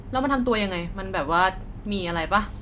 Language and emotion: Thai, neutral